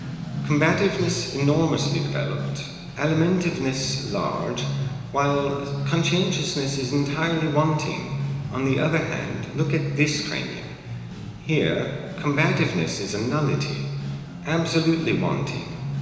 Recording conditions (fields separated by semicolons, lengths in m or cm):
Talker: one person; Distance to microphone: 1.7 m; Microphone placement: close; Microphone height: 1.0 m; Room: very reverberant, large; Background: music